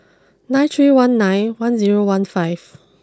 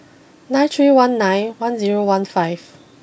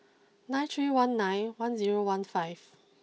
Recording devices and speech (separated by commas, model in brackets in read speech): close-talking microphone (WH20), boundary microphone (BM630), mobile phone (iPhone 6), read sentence